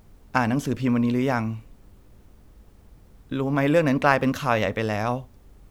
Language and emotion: Thai, sad